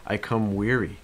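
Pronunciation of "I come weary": In 'I come weary', the stress is on 'weary'.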